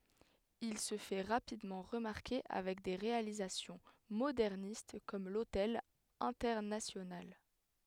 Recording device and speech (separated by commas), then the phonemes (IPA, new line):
headset microphone, read sentence
il sə fɛ ʁapidmɑ̃ ʁəmaʁke avɛk de ʁealizasjɔ̃ modɛʁnist kɔm lotɛl ɛ̃tɛʁnasjonal